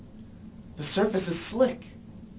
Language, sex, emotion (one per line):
English
male
fearful